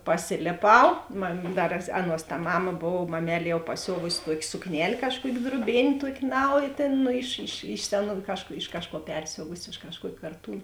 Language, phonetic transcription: Lithuanian, paˈsilėˌpau mam ˈdar ˈaˌnuos ta ˈmama ˈbov maˌmel' jau paˈsiovusi ˈtuokė sukˈnel' ˈkažˌkuok' druoˈbėn' ˈtuok' ˈnaujė ˈtėn iš iš iš ˈseˌnų ˈkažˌkų iš ˈkažˌkuo ˈpersiovusi iš kažˈkuokė karˈtūn

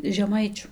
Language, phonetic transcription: Lithuanian, žeˈmaičiu

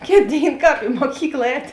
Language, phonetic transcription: Lithuanian, ˈkėt ˈdėin ˈkāp i muoˈkykla ˈēt'

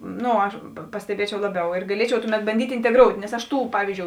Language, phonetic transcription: Lithuanian, ˈno aš pa pasteˈbiečiau ˈlaˌbiau ir gaˈliečiau ˈtuˌmet banˈdyt' inteˈgrout' nes aš ˈtų ˈpavyzdžiou

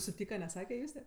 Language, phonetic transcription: Lithuanian, suˈtyka neˈsake ˈjuste

